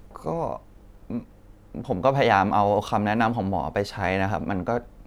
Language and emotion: Thai, sad